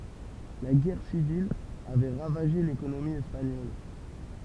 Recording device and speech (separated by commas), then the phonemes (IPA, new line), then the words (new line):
temple vibration pickup, read sentence
la ɡɛʁ sivil avɛ ʁavaʒe lekonomi ɛspaɲɔl
La guerre civile avait ravagé l'économie espagnole.